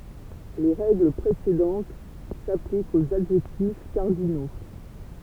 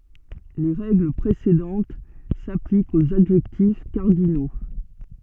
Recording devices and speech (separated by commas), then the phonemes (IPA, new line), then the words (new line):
temple vibration pickup, soft in-ear microphone, read sentence
le ʁɛɡl pʁesedɑ̃t saplikt oz adʒɛktif kaʁdino
Les règles précédentes s'appliquent aux adjectifs cardinaux.